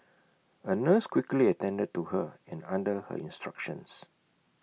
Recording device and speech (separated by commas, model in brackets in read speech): mobile phone (iPhone 6), read sentence